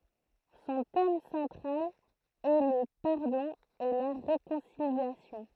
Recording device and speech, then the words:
throat microphone, read sentence
Son thème central est le pardon et la réconciliation.

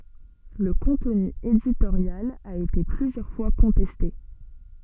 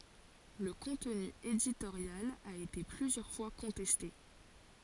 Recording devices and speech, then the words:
soft in-ear microphone, forehead accelerometer, read sentence
Le contenu éditorial a été plusieurs fois contesté.

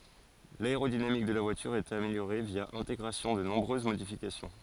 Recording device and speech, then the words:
forehead accelerometer, read sentence
L'aérodynamique de la voilure est améliorée via intégration de nombreuses modifications.

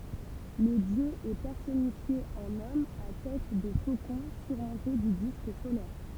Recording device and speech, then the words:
temple vibration pickup, read sentence
Le dieu est personnifié en homme à tête de faucon surmonté du disque solaire.

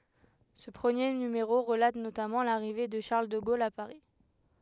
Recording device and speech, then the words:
headset microphone, read sentence
Ce premier numéro relate notamment l’arrivée de Charles de Gaulle à Paris.

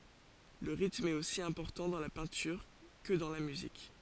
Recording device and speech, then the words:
forehead accelerometer, read sentence
Le rythme est aussi important dans la peinture que dans la musique.

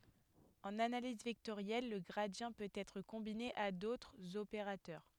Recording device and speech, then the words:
headset microphone, read sentence
En analyse vectorielle, le gradient peut être combiné à d'autres opérateurs.

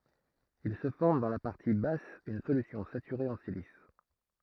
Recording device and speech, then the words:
throat microphone, read sentence
Il se forme dans la partie basse une solution saturée en silice.

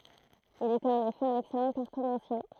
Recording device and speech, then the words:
throat microphone, read sentence
Il était en effet un excellent cartomancien.

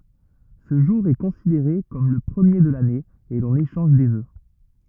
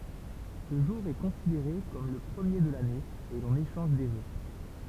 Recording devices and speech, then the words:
rigid in-ear microphone, temple vibration pickup, read sentence
Ce jour est considéré comme le premier de l'année et l'on échange des vœux.

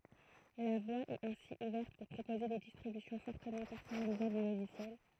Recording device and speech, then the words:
throat microphone, read sentence
La voie est ainsi ouverte pour proposer des distributions fortement personnalisables du logiciel.

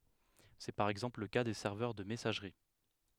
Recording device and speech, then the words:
headset microphone, read sentence
C'est par exemple le cas des serveurs de messagerie.

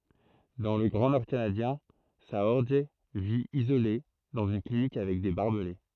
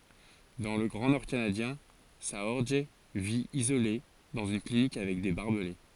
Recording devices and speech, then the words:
throat microphone, forehead accelerometer, read sentence
Dans le grand nord canadien, Saorge vit, isolé, dans une clinique avec des barbelés.

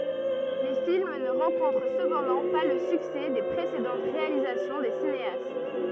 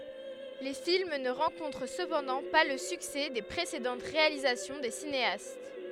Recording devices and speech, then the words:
rigid in-ear microphone, headset microphone, read sentence
Les films ne rencontrent cependant pas le succès des précédentes réalisations des cinéastes.

